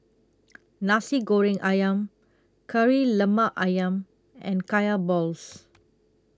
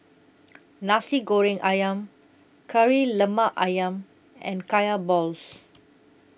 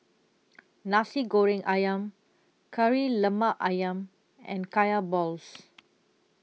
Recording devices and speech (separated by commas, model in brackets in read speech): close-talking microphone (WH20), boundary microphone (BM630), mobile phone (iPhone 6), read sentence